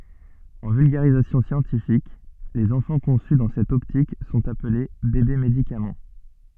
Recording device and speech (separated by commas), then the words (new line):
soft in-ear microphone, read sentence
En vulgarisation scientifique, les enfants conçus dans cette optique sont appelés bébés-médicaments.